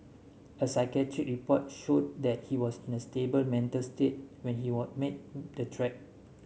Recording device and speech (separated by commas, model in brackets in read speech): mobile phone (Samsung S8), read sentence